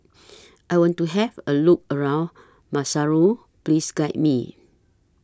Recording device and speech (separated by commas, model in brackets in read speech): standing microphone (AKG C214), read sentence